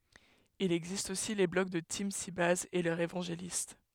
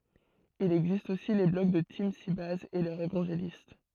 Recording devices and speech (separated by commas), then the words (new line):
headset microphone, throat microphone, read sentence
Il existe aussi les blogs de TeamSybase et leurs évangélistes.